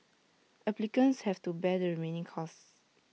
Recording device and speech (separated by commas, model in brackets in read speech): mobile phone (iPhone 6), read sentence